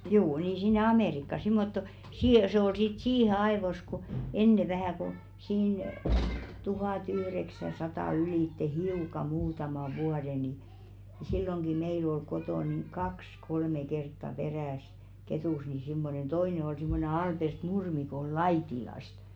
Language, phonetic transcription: Finnish, 'juu nii 'sinne "Amèrikka simmotto , sii- se ‿ol sit "siihe 'aevos ku , 'enne vähä̀ ko̭ , siin , 'tuhàtyhreksäsatà ylìtte "hiuka 'muutama 'vuade ni , silloŋɢi 'meil ‿ol 'kotò niŋ "kaks 'kolme 'kertta perä̀sɪ 'Ketùs ni simmonen "toine ol simmone 'Alpert "Nurmi ko ol "Laitilast .
- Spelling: juu niin sinne Amerikkaan semmottoon - se oli sitten siihen ajoissa kun ennen vähän kun siinä tuhatyhdeksänsataa ylitse hiukan muutaman vuoden niin silloinkin meillä oli kotona niin kaksi kolme kertaa peräisin Ketussa niin semmoinen toinen oli semmoinen Albert Nurmi kun oli Laitilasta

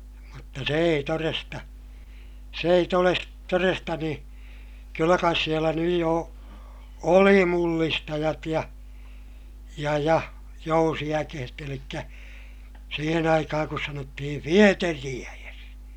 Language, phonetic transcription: Finnish, mutta se ei toresta , s ‿ei toles- , toresta nii , kyllä kais sielä nyj jo , oli mullistajat ja , ja ja , jousi₍äkehet ‿elikkä , siihen ‿aikahaŋ kus sanottihi fieteri₍äjes .
- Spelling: mutta se ei todesta se ei - todesta niin kyllä kai siellä nyt jo oli mullistajat ja ja ja jousiäkeet eli siihen aikaan kun sanottiin vieteriäes

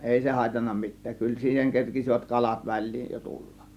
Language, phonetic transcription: Finnish, ˀèi se hàėtanna 'mit̆tääk , 'kyl siiheŋ 'kerkisivät "kalat "väl̆liij jo 'tullak .
- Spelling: ei se haitannut mitään kyllä siihen kerkisivät kalat väliin jo tulla

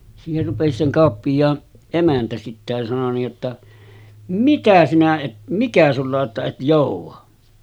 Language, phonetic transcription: Finnish, siiher rupesi se 'kàoppij̀aan , 'emäntä sitte ja sano niij jotta , » "mikä sinä 'et , "mikä sulla o’ ’että et 'jòuv̆va « .
- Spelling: siihen rupesi se kauppiaan emäntä sitten ja sanoi niin jotta mikä sinä et mikä sinulla on että et jouda

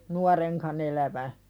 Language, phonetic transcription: Finnish, nuareŋkan ‿elävä .
- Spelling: nuorenkaan elävän

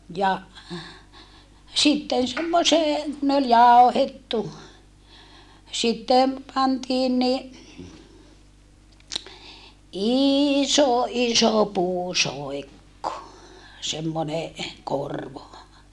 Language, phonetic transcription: Finnish, ja , sitten semmosee , ne ol jàohettu , sitte , pantiin ni , iiiso iso puusoekko , semmone , korvo .
- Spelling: ja sitten semmoiseen ne oli jauhettu sitten pantiin niin iso iso puusoikko semmoinen korvo

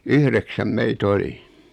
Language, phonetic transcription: Finnish, 'yhreksäm 'mei"t ‿oli .
- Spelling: yhdeksän meitä oli

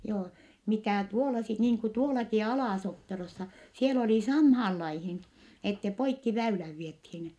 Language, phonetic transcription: Finnish, joo , mitä̀ tuola sit niiŋ ku tuolaki Alà-Sopperossa , siel ‿olì samhaal laihin , ette poikki väyläv viethiin .
- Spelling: joo mitä tuolla sitten niin kuin tuollakin Ala-Sopperossa siellä oli samaan lajiin että poikki väylän vietiin

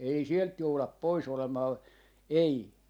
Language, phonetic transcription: Finnish, 'ei "sielt 'joulap "poi's ‿olemaa , 'ei .
- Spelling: ei sieltä jouda pois olemaan ei

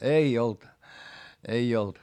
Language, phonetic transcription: Finnish, ei olt , ei olt .
- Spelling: ei ollut ei ollut

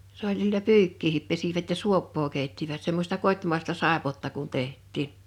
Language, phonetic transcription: Finnish, 's ‿oĺ sillä "pyykkiihip pesivät ja "suoppoo 'kèittivät 'semmośta 'kot́màesta 'sàepotta kun 'teht̆tiin .
- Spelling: se oli sillä pyykkiäkin pesivät ja suopaa keittivät semmoista kotimaista saippuaa kun tehtiin

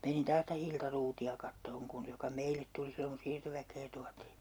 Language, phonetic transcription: Finnish, menin 'taas ˢⁱtä 'Hilta Ruuti₍a 'kattooŋ kun , 'joka "meilet tuli 'silloŋ ku 'siirtoväk̀ee tuatii .
- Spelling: menin taas sitä Hilta Ruutia katsomaan kun joka meille tuli silloin kun siirtoväkeä tuotiin

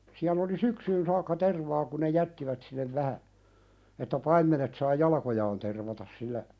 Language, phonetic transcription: Finnish, siäl ‿oli "syksyyn saakka 'tervaa ku ne "jättivät sinnev 'vähä , että 'paimmenet saa "jalakojaan tervatas sillä ,.
- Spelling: siellä oli syksyyn saakka tervaa kun ne jättivät sinne vähän että paimenet saa jalkojaan tervata sillä

